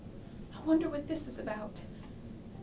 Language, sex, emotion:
English
female
fearful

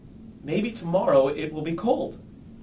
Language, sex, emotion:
English
male
neutral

